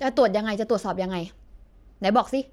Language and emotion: Thai, angry